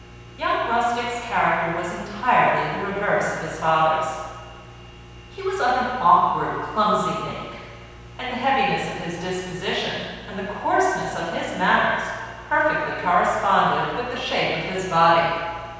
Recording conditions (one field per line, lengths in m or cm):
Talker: one person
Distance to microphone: 7.1 m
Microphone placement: far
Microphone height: 1.7 m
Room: very reverberant, large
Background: none